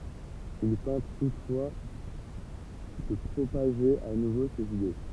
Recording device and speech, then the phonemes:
temple vibration pickup, read sentence
il tɑ̃t tutfwa də pʁopaʒe a nuvo sez ide

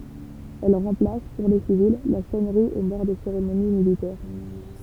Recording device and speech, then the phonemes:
temple vibration pickup, read sentence
ɛl ʁɑ̃plas puʁ le sivil la sɔnʁi o mɔʁ de seʁemoni militɛʁ

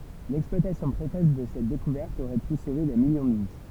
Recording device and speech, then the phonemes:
temple vibration pickup, read sentence
lɛksplwatasjɔ̃ pʁekɔs də sɛt dekuvɛʁt oʁɛ py sove de miljɔ̃ də vi

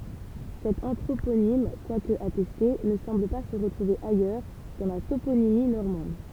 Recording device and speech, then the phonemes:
temple vibration pickup, read sentence
sɛt ɑ̃tʁoponim kwak atɛste nə sɑ̃bl pa sə ʁətʁuve ajœʁ dɑ̃ la toponimi nɔʁmɑ̃d

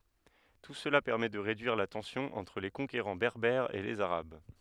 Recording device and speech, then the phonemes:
headset microphone, read sentence
tu səla pɛʁmɛ də ʁedyiʁ la tɑ̃sjɔ̃ ɑ̃tʁ le kɔ̃keʁɑ̃ bɛʁbɛʁz e lez aʁab

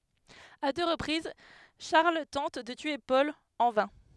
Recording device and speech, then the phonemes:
headset microphone, read sentence
a dø ʁəpʁiz ʃaʁl tɑ̃t də tye pɔl ɑ̃ vɛ̃

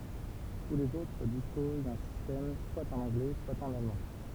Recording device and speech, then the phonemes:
temple vibration pickup, read sentence
tu lez otʁ dispoz dœ̃ sistɛm swa ɑ̃n ɑ̃ɡlɛ swa ɑ̃n almɑ̃

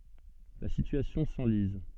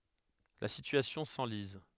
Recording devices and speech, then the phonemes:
soft in-ear microphone, headset microphone, read sentence
la sityasjɔ̃ sɑ̃liz

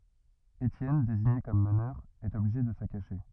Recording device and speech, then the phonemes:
rigid in-ear microphone, read sentence
etjɛn deziɲe kɔm mənœʁ ɛt ɔbliʒe də sə kaʃe

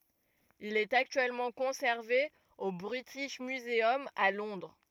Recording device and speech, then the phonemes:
rigid in-ear microphone, read sentence
il ɛt aktyɛlmɑ̃ kɔ̃sɛʁve o bʁitiʃ myzœm a lɔ̃dʁ

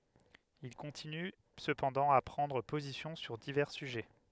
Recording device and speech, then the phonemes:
headset microphone, read sentence
il kɔ̃tiny səpɑ̃dɑ̃ a pʁɑ̃dʁ pozisjɔ̃ syʁ divɛʁ syʒɛ

